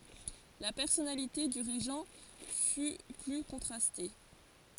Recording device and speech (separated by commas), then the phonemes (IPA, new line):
forehead accelerometer, read sentence
la pɛʁsɔnalite dy ʁeʒɑ̃ fy ply kɔ̃tʁaste